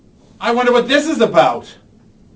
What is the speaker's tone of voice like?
angry